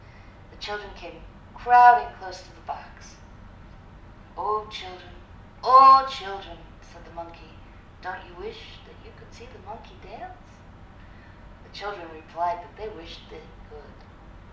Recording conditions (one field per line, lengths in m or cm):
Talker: one person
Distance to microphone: 2.0 m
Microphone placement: close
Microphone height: 99 cm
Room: medium-sized (5.7 m by 4.0 m)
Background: none